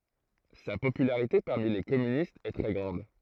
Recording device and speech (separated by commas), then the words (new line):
throat microphone, read sentence
Sa popularité parmi les communistes est très grande.